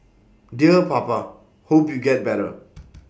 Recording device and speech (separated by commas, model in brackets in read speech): boundary microphone (BM630), read sentence